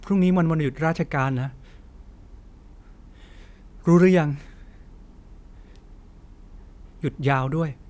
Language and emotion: Thai, frustrated